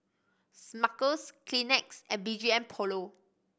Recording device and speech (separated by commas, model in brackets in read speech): boundary microphone (BM630), read sentence